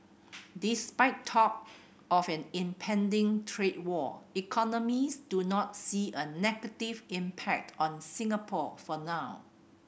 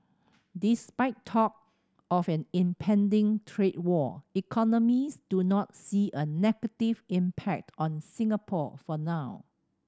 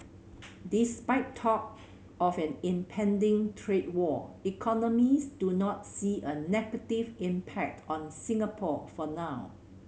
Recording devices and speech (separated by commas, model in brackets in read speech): boundary microphone (BM630), standing microphone (AKG C214), mobile phone (Samsung C7100), read sentence